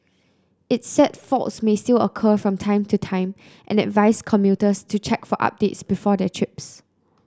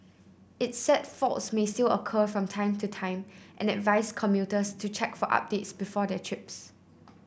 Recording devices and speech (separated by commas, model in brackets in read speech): close-talking microphone (WH30), boundary microphone (BM630), read sentence